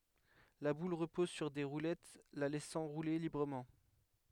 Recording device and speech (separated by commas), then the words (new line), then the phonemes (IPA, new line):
headset microphone, read sentence
La boule repose sur des roulettes la laissant rouler librement.
la bul ʁəpɔz syʁ de ʁulɛt la lɛsɑ̃ ʁule libʁəmɑ̃